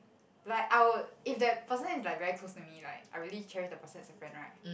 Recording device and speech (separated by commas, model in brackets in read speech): boundary microphone, conversation in the same room